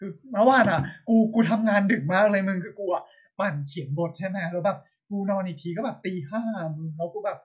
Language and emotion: Thai, frustrated